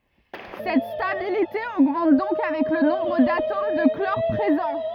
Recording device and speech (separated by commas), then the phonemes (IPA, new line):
rigid in-ear microphone, read sentence
sɛt stabilite oɡmɑ̃t dɔ̃k avɛk lə nɔ̃bʁ datom də klɔʁ pʁezɑ̃